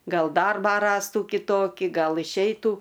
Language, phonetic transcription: Lithuanian, ˈgal ˈdarbą ˈrastų kiˈtoki ˈgal išˈeitų

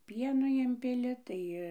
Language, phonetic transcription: Lithuanian, ˈpieno ˈimpili ˈtai

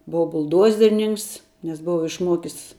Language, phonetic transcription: Lithuanian, ˈbova bulˈdozerninks nes ˈbova išˈmuokis

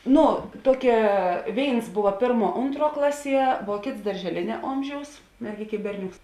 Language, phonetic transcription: Lithuanian, ˈnu ˈtuokia ˈvėins ˈbuva ˈpėrˌmuo ˈuntˌruo ˈklaˌsie vuo ˈkėts daržeˈlėnia ˈomˌžiaus merˈgėk' i ˈberˌnioks

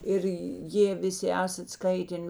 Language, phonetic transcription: Lithuanian, ˈir ˈjė ˈviˈsi ˈesat ˈskaiten

